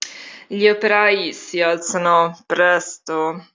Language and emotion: Italian, disgusted